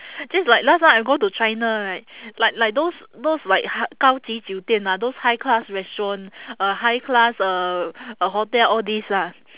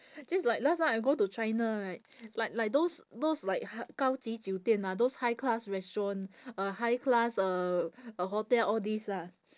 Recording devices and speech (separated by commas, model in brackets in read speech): telephone, standing microphone, conversation in separate rooms